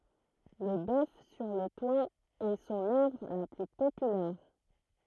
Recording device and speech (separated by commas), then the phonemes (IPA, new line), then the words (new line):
throat microphone, read sentence
lə bœf syʁ lə twa ɛ sɔ̃n œvʁ la ply popylɛʁ
Le bœuf sur le toit est son œuvre la plus populaire.